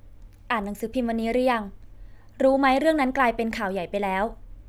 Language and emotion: Thai, neutral